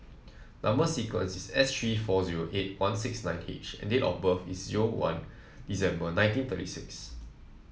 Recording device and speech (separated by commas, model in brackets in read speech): mobile phone (iPhone 7), read sentence